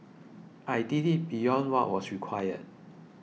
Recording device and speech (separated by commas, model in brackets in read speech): mobile phone (iPhone 6), read sentence